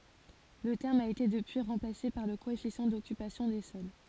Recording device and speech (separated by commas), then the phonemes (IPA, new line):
forehead accelerometer, read sentence
lə tɛʁm a ete dəpyi ʁɑ̃plase paʁ lə koɛfisjɑ̃ dɔkypasjɔ̃ de sɔl